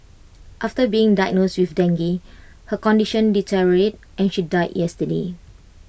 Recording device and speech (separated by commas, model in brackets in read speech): boundary microphone (BM630), read sentence